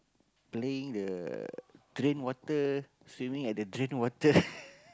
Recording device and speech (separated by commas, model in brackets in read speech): close-talking microphone, conversation in the same room